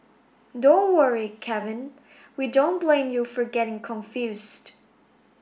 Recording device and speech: boundary microphone (BM630), read sentence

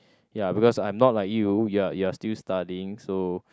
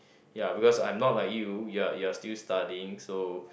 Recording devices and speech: close-talking microphone, boundary microphone, conversation in the same room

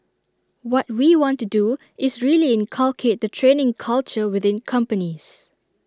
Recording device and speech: standing microphone (AKG C214), read sentence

